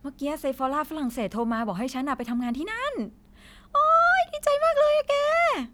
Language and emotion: Thai, happy